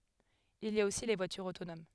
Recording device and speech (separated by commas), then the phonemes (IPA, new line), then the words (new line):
headset microphone, read sentence
il i a osi le vwatyʁz otonom
Il y a aussi les voitures autonomes.